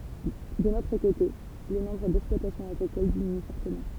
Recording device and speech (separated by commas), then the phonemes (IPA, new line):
temple vibration pickup, read sentence
dœ̃n otʁ kote lə nɔ̃bʁ dɛksplwatasjɔ̃z aɡʁikol diminy fɔʁtəmɑ̃